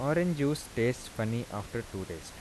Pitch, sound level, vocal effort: 115 Hz, 84 dB SPL, soft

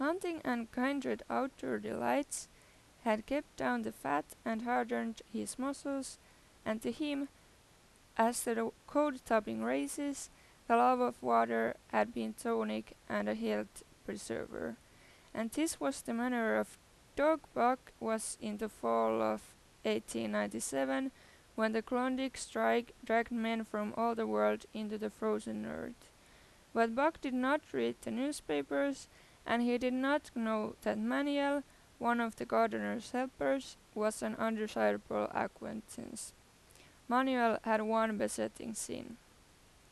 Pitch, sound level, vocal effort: 225 Hz, 87 dB SPL, normal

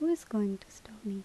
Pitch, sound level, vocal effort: 215 Hz, 77 dB SPL, soft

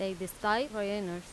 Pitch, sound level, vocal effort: 195 Hz, 88 dB SPL, loud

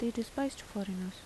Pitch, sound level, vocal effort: 230 Hz, 78 dB SPL, soft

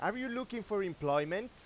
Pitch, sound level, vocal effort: 200 Hz, 99 dB SPL, very loud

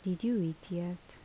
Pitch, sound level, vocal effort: 175 Hz, 73 dB SPL, soft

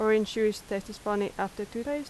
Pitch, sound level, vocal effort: 215 Hz, 84 dB SPL, normal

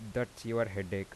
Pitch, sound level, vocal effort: 115 Hz, 84 dB SPL, soft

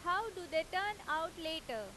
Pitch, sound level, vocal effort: 325 Hz, 95 dB SPL, very loud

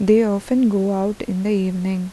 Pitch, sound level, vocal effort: 200 Hz, 81 dB SPL, soft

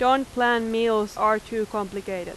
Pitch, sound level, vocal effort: 220 Hz, 92 dB SPL, very loud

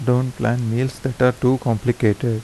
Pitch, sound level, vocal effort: 125 Hz, 80 dB SPL, soft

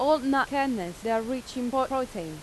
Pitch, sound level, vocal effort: 255 Hz, 90 dB SPL, very loud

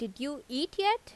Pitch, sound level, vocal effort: 290 Hz, 85 dB SPL, normal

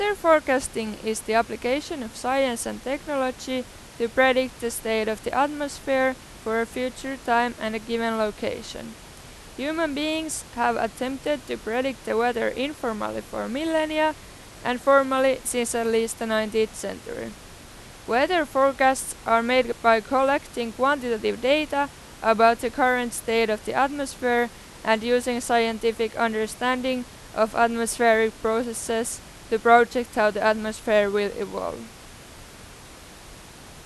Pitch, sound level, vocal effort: 240 Hz, 92 dB SPL, loud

